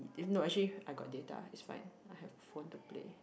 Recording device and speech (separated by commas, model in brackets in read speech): boundary microphone, conversation in the same room